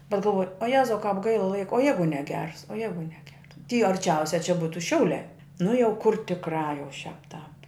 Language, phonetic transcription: Lithuanian, bet galˈvoj o ˈjezau kāp ˈgaila ˈlaiko o ˈjeigu neˈgers o ˈjeigu neˈgers ty arˈčiausia čia ˈbūtu ˈšiauliā nu jau kur tikˈrā jau šiāp tāp

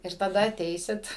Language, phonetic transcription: Lithuanian, ir taˈda aˈteisit

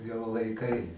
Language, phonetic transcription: Lithuanian, jau laiˈkai

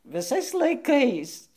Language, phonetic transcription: Lithuanian, viˈsais laiˈkais

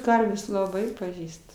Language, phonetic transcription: Lithuanian, ˈkarvės laˈbai paˈžįst

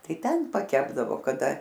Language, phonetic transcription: Lithuanian, ˈtai ˈten paˈkepdavo kaˈda

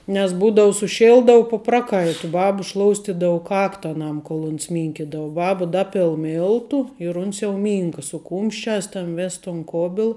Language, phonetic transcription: Lithuanian, nes ˈbūdau suˈšildau pu ˈpraˌkaitu ˈbaba ˈšloustidau ˈkakta aˈnam kol uns ˈmynkidava ˈbaba ˈdapil ˈmiltu ir uns jau ˈmynka su ˈkūmšˌčiās tan ˈvės tun ˈkobil

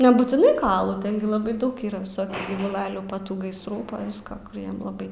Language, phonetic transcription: Lithuanian, nebūtiˈnai ˈkoalu ˈten gi laˈbai ˈdaug ˈyra viˈsokių gyvuˈlalių pa ˈtų gaisˈrų pa ˈviska ˈkur ˈjam laˈbai

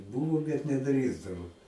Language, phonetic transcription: Lithuanian, ˈbūvo bet neˈdrįsdavo

